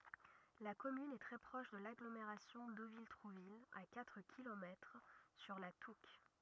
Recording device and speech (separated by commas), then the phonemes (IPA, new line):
rigid in-ear microphone, read sentence
la kɔmyn ɛ tʁɛ pʁɔʃ də laɡlomeʁasjɔ̃ dovil tʁuvil a katʁ kilomɛtʁ syʁ la tuk